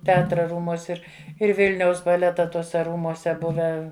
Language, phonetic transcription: Lithuanian, teˈatra ˈrūmuos' ˈir ir ˈvilniaus baˈleta ˈtuose ˈrūmuose ˈbuvę

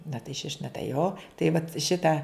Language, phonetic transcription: Lithuanian, na tai šiš' na tai jo tai vat ˈšita

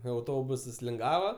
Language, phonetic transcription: Lithuanian, auˈtobusas linˈgava

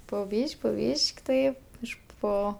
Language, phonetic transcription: Lithuanian, po ˈbyš'k' po ˈbyš'k' tai ˈiš ˈpo

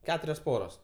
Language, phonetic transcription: Lithuanian, ˈketurios ˈporos

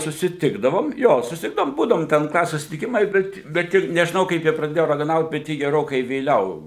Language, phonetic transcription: Lithuanian, susiˈtikdavom ˈjo susiˈtikdavom ˈbūdavom ten ˈklasės susitiˈkimai ˈbet bet ˈji nežiˈnau kaip ˈji praˈdėjo ragaˈnaut bet ˈji geˈrokai vėˈliau

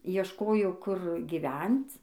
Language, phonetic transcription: Lithuanian, iešˈkojo kur giˈvenc

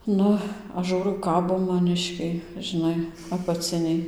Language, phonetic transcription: Lithuanian, ˈnu ˈaš ˈžūrau ˈkabo maˈniškiai žiˈnai apaˈciniai

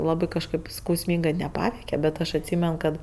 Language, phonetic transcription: Lithuanian, ˈlabɜ kažˈkɜp skausˈmyngɜ neˈpaveike bet ˈaš atˈsymen kad

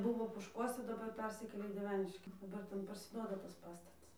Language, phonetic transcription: Lithuanian, ˈbuvo pošˈkuose daˈbar ˈpersikėlė į dieˈveniški daˈbar ˈten parsiˈduoda tas ˈpastatas

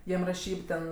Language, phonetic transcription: Lithuanian, ˈjiem raˈšyb ten

